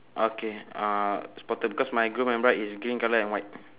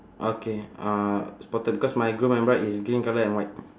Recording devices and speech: telephone, standing microphone, conversation in separate rooms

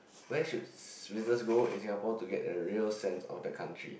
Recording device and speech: boundary microphone, conversation in the same room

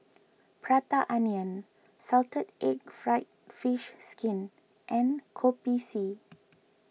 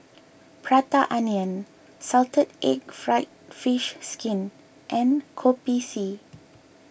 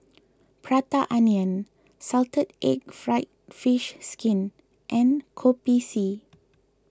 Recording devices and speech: mobile phone (iPhone 6), boundary microphone (BM630), close-talking microphone (WH20), read sentence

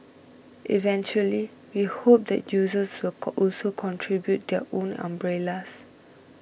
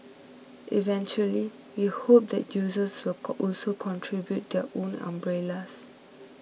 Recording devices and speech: boundary microphone (BM630), mobile phone (iPhone 6), read sentence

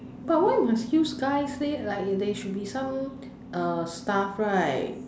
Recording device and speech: standing microphone, conversation in separate rooms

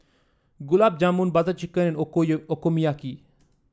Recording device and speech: standing microphone (AKG C214), read sentence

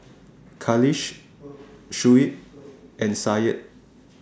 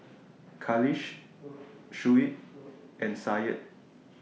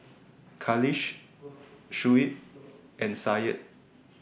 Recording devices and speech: standing microphone (AKG C214), mobile phone (iPhone 6), boundary microphone (BM630), read sentence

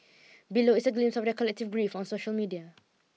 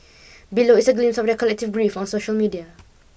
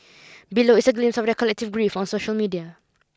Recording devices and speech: mobile phone (iPhone 6), boundary microphone (BM630), close-talking microphone (WH20), read sentence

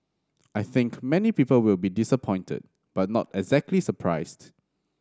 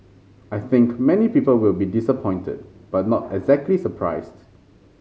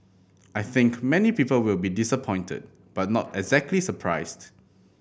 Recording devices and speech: standing microphone (AKG C214), mobile phone (Samsung C5010), boundary microphone (BM630), read sentence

